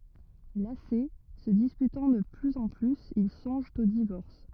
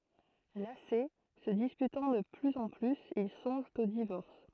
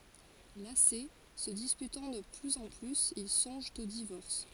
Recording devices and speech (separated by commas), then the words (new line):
rigid in-ear microphone, throat microphone, forehead accelerometer, read sentence
Lassés, se disputant de plus en plus, ils songent au divorce.